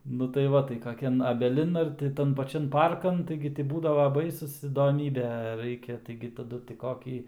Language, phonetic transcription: Lithuanian, nu tai ˈva tai kaˈkian abeˈlin ar ti ˈtan paˈčian ˈparkan ˈtaigi gi ti ˈbūdava ˈbaisus įdoˈmybė ˈraikia taigi taˈdu ti ˈkokį

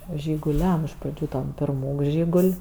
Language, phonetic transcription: Lithuanian, žiguˈliam iš praˈdžių ˈtam pirˈmūk ˈžygul'

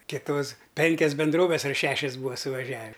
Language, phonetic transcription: Lithuanian, kiˈtos ˈpenkias benˈdroves ar ˈšešias ˈbūva suvaˈžiavi

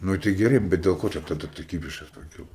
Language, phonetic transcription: Lithuanian, ˈnu tai geˈrai bet del ˈko ˈčia taˈda ta ˈkybišas paˈkilo

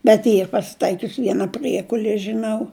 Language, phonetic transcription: Lithuanian, bet ˈyr pasiˈtaikius ˈviena ˈpriekulie žiˈnau

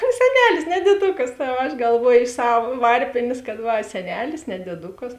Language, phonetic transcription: Lithuanian, seˈnelis ne dieˈdukas o aš galˈvuoju iš ˈsav ˈvarpėnės kad ˈva seˈnelis ne dieˈdukas

